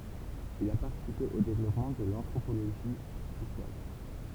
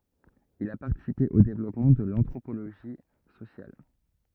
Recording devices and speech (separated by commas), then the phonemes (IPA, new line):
temple vibration pickup, rigid in-ear microphone, read sentence
il a paʁtisipe o devlɔpmɑ̃ də l ɑ̃tʁopoloʒi sosjal